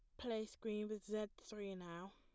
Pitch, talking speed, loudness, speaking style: 215 Hz, 185 wpm, -47 LUFS, plain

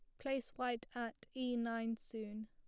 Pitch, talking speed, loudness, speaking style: 235 Hz, 160 wpm, -42 LUFS, plain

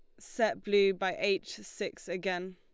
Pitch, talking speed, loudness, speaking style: 195 Hz, 155 wpm, -32 LUFS, Lombard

